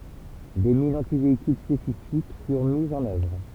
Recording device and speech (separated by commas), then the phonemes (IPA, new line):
temple vibration pickup, read sentence
de minz ɑ̃tiveikyl spesifik fyʁ mizz ɑ̃n œvʁ